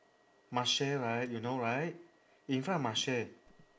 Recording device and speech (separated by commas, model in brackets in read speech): standing microphone, conversation in separate rooms